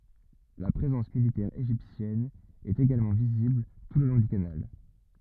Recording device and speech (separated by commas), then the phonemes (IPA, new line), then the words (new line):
rigid in-ear microphone, read sentence
la pʁezɑ̃s militɛʁ eʒiptjɛn ɛt eɡalmɑ̃ vizibl tu lə lɔ̃ dy kanal
La présence militaire égyptienne est également visible tout le long du canal.